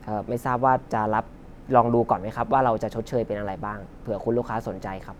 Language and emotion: Thai, neutral